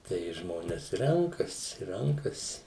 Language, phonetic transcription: Lithuanian, tai ˈžmones ˈrenkasi ˈrenkasi

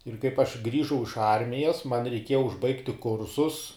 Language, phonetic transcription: Lithuanian, ir kaip aš ˈgrįžau iš ˈarmijas man reiˈkieja užˈbaigti ˈkursus

